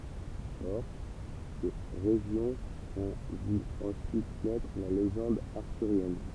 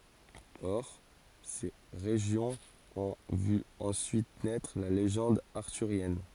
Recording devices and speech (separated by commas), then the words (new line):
temple vibration pickup, forehead accelerometer, read sentence
Or, ces régions ont vu ensuite naître la légende arthurienne.